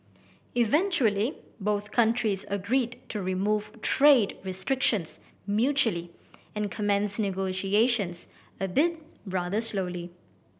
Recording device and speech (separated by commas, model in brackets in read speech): boundary microphone (BM630), read sentence